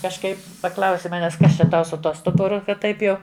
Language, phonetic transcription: Lithuanian, kažˈkaip paˈklausi ˈmanes ˈkas čia ˈtau su ˈtuo ˈstuburu ˈkad ˈtaip jau

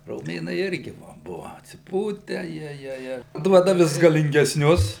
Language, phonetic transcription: Lithuanian, roˈmėnai ˈirgi va ˈbuva atsiˈpūtę ˈjiejie ˈir ˈduoda ˈvis galingesˈnius

